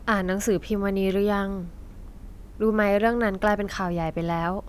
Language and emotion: Thai, neutral